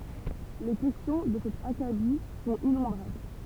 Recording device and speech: temple vibration pickup, read sentence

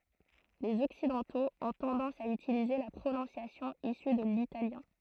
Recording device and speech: throat microphone, read sentence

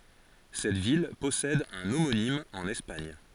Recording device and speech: forehead accelerometer, read sentence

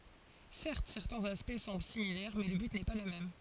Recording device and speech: forehead accelerometer, read sentence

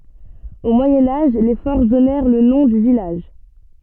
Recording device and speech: soft in-ear microphone, read sentence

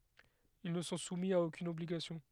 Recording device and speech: headset microphone, read sentence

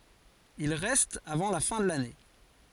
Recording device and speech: forehead accelerometer, read sentence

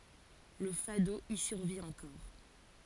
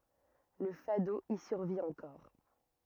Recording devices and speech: forehead accelerometer, rigid in-ear microphone, read sentence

